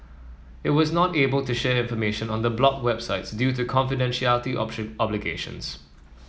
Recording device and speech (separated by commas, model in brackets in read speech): mobile phone (iPhone 7), read sentence